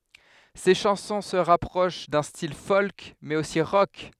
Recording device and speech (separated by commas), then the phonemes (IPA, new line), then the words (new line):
headset microphone, read sentence
se ʃɑ̃sɔ̃ sə ʁapʁoʃ dœ̃ stil fɔlk mɛz osi ʁɔk
Ses chansons se rapprochent d'un style folk mais aussi rock.